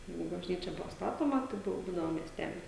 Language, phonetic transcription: Lithuanian, ˈjeigu bažˈnyčia ˈbuvo ˈstatoma tai ˈbuvo vaˈdinama miesˈtelis

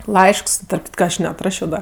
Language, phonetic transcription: Lithuanian, ˈlaišks tarp ˈkitka ˈaš neatˈrašio ˈda

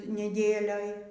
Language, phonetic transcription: Lithuanian, neˈdėlioj

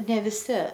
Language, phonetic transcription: Lithuanian, ne viˈsi

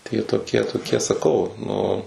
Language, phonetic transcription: Lithuanian, tai jie toˈkie toˈkie saˈkau nu

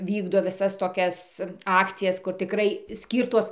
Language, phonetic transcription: Lithuanian, ˈvykdo viˈsas toˈkias ˈakcijas kur tiˈkrai ˈskyrtos

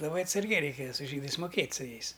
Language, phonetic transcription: Lithuanian, laˈbai atsarˈgiai ˈreikėja su ˈžydais muˈkėt' su ˈjais

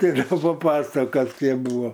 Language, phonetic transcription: Lithuanian, geˈriau paˈpasakos' ˈkėp ˈbuva

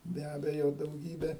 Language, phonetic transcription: Lithuanian, be ˈabejo dauˈgybė

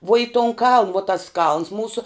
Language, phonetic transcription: Lithuanian, vuo i tun kaln vo tas kalns ˈmūso

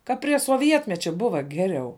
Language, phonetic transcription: Lithuanian, ka prie soˈvietmečia ˈbuva ˈgeriau

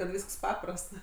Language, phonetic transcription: Lithuanian, kad ˈvysks ˈpaprast

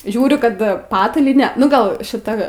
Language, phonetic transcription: Lithuanian, ˈžiūriu ˈkad ˈpatalyne ˈnu ˈgal šiˈta

